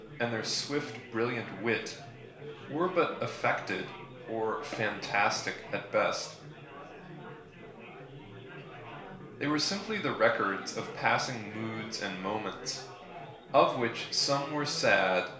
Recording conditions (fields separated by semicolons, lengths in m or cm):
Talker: one person; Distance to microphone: 1.0 m; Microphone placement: close; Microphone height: 1.1 m; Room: small (3.7 m by 2.7 m); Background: babble